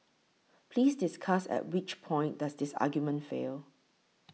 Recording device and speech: mobile phone (iPhone 6), read sentence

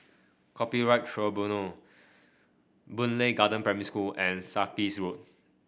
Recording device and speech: boundary microphone (BM630), read sentence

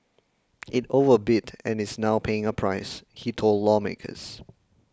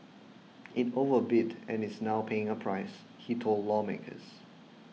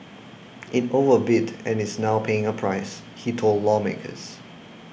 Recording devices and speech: close-talking microphone (WH20), mobile phone (iPhone 6), boundary microphone (BM630), read sentence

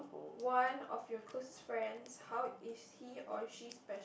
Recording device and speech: boundary microphone, conversation in the same room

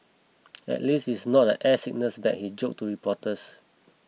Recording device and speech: mobile phone (iPhone 6), read sentence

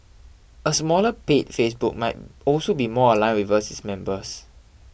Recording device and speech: boundary microphone (BM630), read sentence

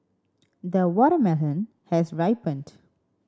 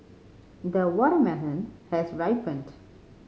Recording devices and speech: standing microphone (AKG C214), mobile phone (Samsung C5010), read sentence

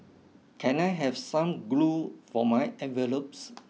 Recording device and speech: mobile phone (iPhone 6), read sentence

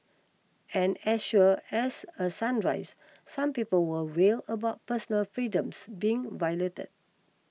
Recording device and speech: mobile phone (iPhone 6), read sentence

